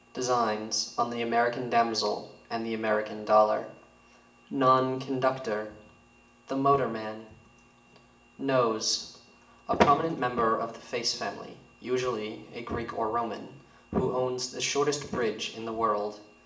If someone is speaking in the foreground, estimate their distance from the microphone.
1.8 m.